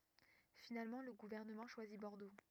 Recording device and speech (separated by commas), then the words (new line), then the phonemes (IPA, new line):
rigid in-ear microphone, read sentence
Finalement le gouvernement choisit Bordeaux.
finalmɑ̃ lə ɡuvɛʁnəmɑ̃ ʃwazi bɔʁdo